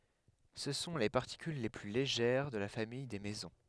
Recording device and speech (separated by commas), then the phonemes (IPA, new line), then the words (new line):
headset microphone, read sentence
sə sɔ̃ le paʁtikyl le ply leʒɛʁ də la famij de mezɔ̃
Ce sont les particules les plus légères de la famille des mésons.